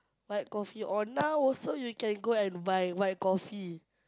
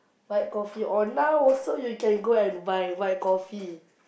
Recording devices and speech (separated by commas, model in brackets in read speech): close-talking microphone, boundary microphone, conversation in the same room